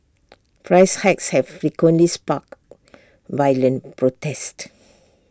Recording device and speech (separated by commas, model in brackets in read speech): standing microphone (AKG C214), read sentence